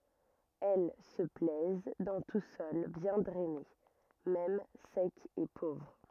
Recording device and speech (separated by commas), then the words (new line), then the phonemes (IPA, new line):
rigid in-ear microphone, read sentence
Elles se plaisent dans tout sol bien drainé, même sec et pauvre.
ɛl sə plɛz dɑ̃ tu sɔl bjɛ̃ dʁɛne mɛm sɛk e povʁ